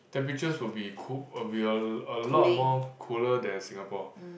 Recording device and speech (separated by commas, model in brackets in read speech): boundary microphone, conversation in the same room